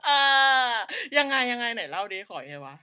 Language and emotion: Thai, happy